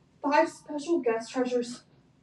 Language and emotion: English, fearful